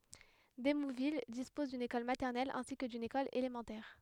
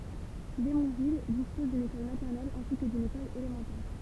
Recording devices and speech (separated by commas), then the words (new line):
headset microphone, temple vibration pickup, read sentence
Démouville dispose d'une école maternelle ainsi que d'une école élémentaire.